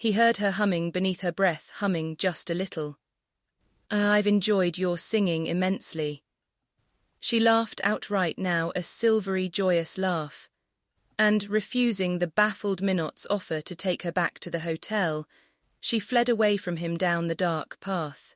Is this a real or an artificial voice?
artificial